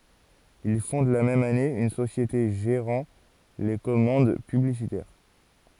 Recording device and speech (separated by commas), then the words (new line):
forehead accelerometer, read sentence
Il fonde la même année une société gérant les commandes publicitaires.